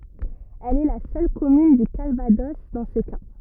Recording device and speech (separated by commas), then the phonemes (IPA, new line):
rigid in-ear microphone, read sentence
ɛl ɛ la sœl kɔmyn dy kalvadɔs dɑ̃ sə ka